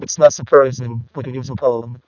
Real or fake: fake